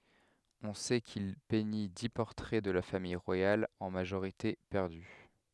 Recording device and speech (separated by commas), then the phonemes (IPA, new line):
headset microphone, read sentence
ɔ̃ sɛ kil pɛɲi di pɔʁtʁɛ də la famij ʁwajal ɑ̃ maʒoʁite pɛʁdy